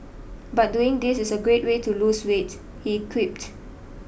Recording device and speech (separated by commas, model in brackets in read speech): boundary microphone (BM630), read sentence